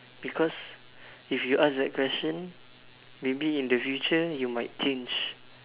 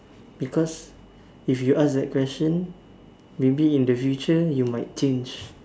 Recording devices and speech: telephone, standing microphone, conversation in separate rooms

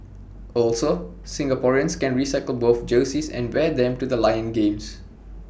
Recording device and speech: boundary microphone (BM630), read sentence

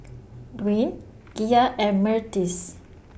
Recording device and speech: boundary microphone (BM630), read sentence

